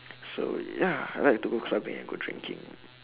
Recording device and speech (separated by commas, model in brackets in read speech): telephone, conversation in separate rooms